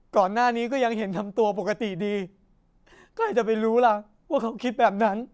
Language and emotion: Thai, sad